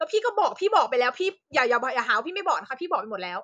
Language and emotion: Thai, angry